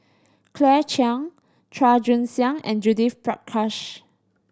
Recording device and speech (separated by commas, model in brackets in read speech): standing microphone (AKG C214), read sentence